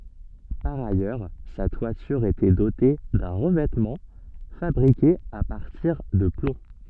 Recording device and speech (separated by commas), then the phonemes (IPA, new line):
soft in-ear microphone, read sentence
paʁ ajœʁ sa twatyʁ etɛ dote dœ̃ ʁəvɛtmɑ̃ fabʁike a paʁtiʁ də plɔ̃